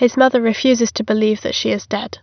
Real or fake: real